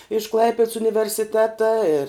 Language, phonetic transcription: Lithuanian, iš ˈklaipeds universiˈteta ir

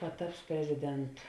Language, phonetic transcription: Lithuanian, paˈtaps preziˈdentu

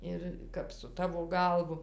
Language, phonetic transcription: Lithuanian, ˈir kap su ˈtavo ˈgalvu

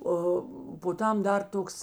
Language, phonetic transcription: Lithuanian, ˈo po ˈtam ˈdar ˈtoks

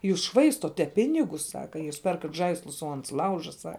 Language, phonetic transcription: Lithuanian, ˈjūs ˈšvaistote ˈpinigus ˈsaka jūs ˈperkat ˈžaislus o ˈans ˈlauža ˈsa

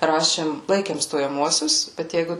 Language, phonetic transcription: Lithuanian, ˈrašėm ˈlaikėm stojaˈmuosius bet ˈjeigu

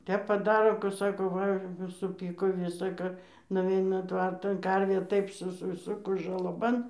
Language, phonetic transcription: Lithuanian, ˈtep paˈdaro ku ˈsako ˈva suˈpyko ˈvisa ˈka nuˈveina ˈtvartan ˈkarvė ˈtaip susiˈsukus žalaˈban

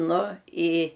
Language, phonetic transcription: Lithuanian, ˈnu i

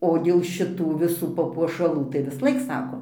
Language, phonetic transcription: Lithuanian, o dėl šiˈtų viˈsų papuošaˈlų tai visˈlaik ˈsako

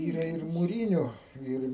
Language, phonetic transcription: Lithuanian, ˈyra ir muˈryniu ˈir

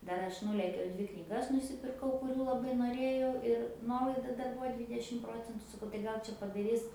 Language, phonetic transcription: Lithuanian, ˈdar ˈaš ˈnūlėkiau ˈdvi knyˈgas nusipirˈkau kuˈrių laˈbai noˈrėjau ir ˈnuolaida ˈdar ˈbūva ˈdvydešim ˈprocentu saˈkau tai ˈgal čia padaˈris

